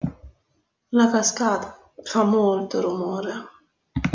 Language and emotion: Italian, sad